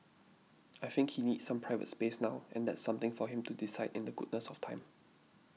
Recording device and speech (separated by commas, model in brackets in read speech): mobile phone (iPhone 6), read sentence